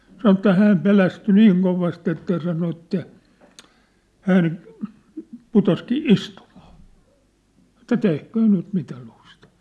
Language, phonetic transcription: Finnish, 'sanŏ ĕttä 'hääm 'pelästy "niiŋ kovast ‿että ja sano että , 'hän , 'putoskii "istumᴀᴀ , ᵉt̆tä 'tehköö 'nyt mitä 'lustà .
- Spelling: sanoi että hän pelästyi niin kovasti että ja sanoi että hän putosikin istumaan että tehköön nyt mitä lystää

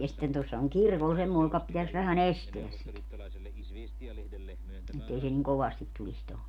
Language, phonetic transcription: Finnish, ja sⁱtten 'tuossa oŋ "kirkol 'semmòe joka , pitäs vähä"n ‿esteäs sit , 'ettei se niŋ "kovastit tulis toho .
- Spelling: ja sitten tuossa on kirkolla semmoinen joka pitäisi vähän estää sitä että ei se niin kovasti tulisi tuohon

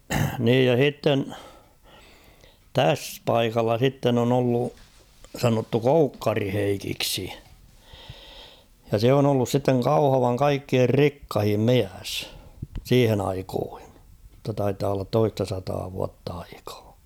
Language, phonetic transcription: Finnish, 'niij ja "h̬itten , 'täs "paikalla 'sitten ‿on ‿ollu , sanottu "Koukkari 'Heikiksi , ja 'se on ‿ollus sitteŋ "Kauhavaŋ 'kaikkier "rikkahim "miäs , 'siihen ‿aikoohɪɴ ; [mut]ta taitaa ollat 'toista sataa 'vuatt ‿aikᴀᴀ .
- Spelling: niin ja sitten tässä paikalla sitten on ollut sanottu Koukkarin Heikiksi ja se on ollut sitten Kauhavan kaikkien rikkain mies siihen aikoihin mutta taitaa olla toista sataa vuotta aikaa

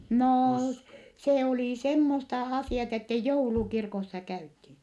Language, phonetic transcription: Finnish, noo , se olì semmosta asì₍at ‿ettɛ joulukirkossa käythii .
- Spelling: no se oli semmoista asiat että joulukirkossa käytiin

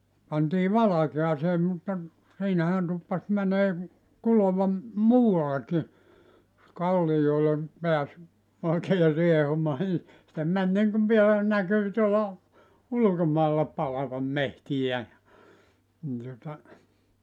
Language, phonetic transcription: Finnish, pantii 'valakeasee mutta , 'siinähän 'tuppas mänee , 'kulova , "muu₍allekki , jos 'kallijoile , 'peäs , oikee 'riehumaa ni , se 'män niŋkuv vielä , 'näkyy tuola , "ulᵘkomailla 'palavam "mehtijä ja , ni tuᵒta ,.
- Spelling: pantiin valkeaan mutta siinähän tuppasi menemään kuloa muuallekin jos kalliolle pääsi oikein riehumaan niin se meni niin kuin vielä näkyy tuolla ulkomailla palavan metsiä ja niin tuota

